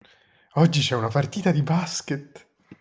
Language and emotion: Italian, happy